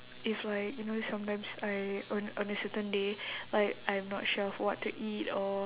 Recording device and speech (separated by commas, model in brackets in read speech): telephone, conversation in separate rooms